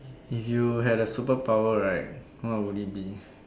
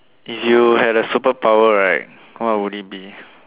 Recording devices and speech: standing microphone, telephone, conversation in separate rooms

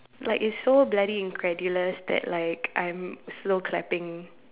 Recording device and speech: telephone, conversation in separate rooms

